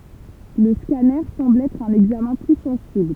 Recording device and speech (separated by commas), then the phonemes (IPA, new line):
temple vibration pickup, read sentence
lə skanœʁ sɑ̃bl ɛtʁ œ̃n ɛɡzamɛ̃ ply sɑ̃sibl